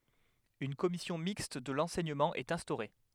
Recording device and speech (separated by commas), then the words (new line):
headset microphone, read sentence
Une commission mixte de l'enseignement est instaurée.